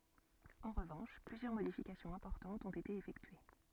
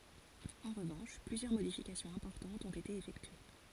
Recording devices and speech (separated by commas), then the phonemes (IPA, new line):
soft in-ear microphone, forehead accelerometer, read sentence
ɑ̃ ʁəvɑ̃ʃ plyzjœʁ modifikasjɔ̃z ɛ̃pɔʁtɑ̃tz ɔ̃t ete efɛktye